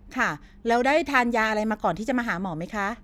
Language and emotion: Thai, neutral